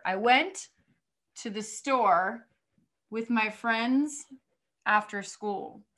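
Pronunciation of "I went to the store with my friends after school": The sentence is split into groups of words, with small pauses or breaks between the groups.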